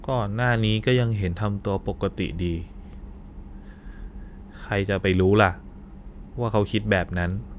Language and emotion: Thai, frustrated